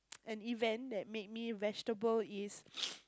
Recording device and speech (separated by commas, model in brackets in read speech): close-talking microphone, conversation in the same room